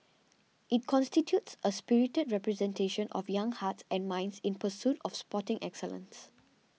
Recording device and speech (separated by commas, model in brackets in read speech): mobile phone (iPhone 6), read sentence